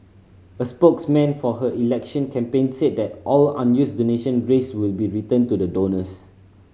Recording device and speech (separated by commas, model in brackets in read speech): mobile phone (Samsung C5010), read sentence